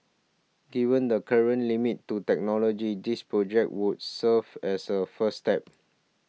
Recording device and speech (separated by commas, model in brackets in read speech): mobile phone (iPhone 6), read sentence